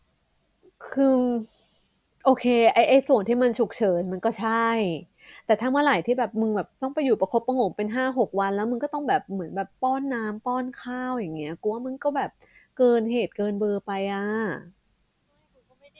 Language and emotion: Thai, frustrated